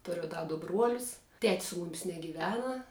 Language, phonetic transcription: Lithuanian, ˈturiu ˈda du ˈbruolius ˈtet's su ˈmumis negyˈvena

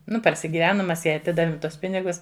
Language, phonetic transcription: Lithuanian, ˈnu parsigiˈvenum ˈmes ˈjai aˈtidavim ˈtuos ˈpinigus

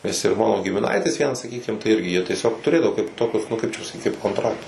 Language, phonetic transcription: Lithuanian, nes ir ˈmano gimiˈnaitis ˈvienas saˈkykim tai ˈirgi jie tieˈsiog tuˈrėdavo kaip ˈtokius nu ˈkaip čia pasaˈkyt kaip konˈtraktus

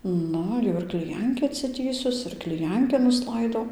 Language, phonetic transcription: Lithuanian, ˈnu jau ir kliˈjankį atsiˈtįsus ir kliˈjanki nusˈlaidau

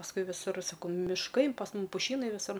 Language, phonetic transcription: Lithuanian, pasˈkui viˈsur saˈkau mišˈkai pas ˈmum puˈšynai viˈsur

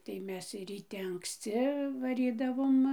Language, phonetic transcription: Lithuanian, tai ˈmes ryˈte anksˈci vaˈrydavom

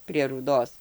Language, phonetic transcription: Lithuanian, prie rūˈdos

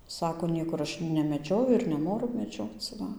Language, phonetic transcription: Lithuanian, ˈsako ˈniekur ˈaš nemeˈdžioju ir neˈnoru meˈdžioc ˈva

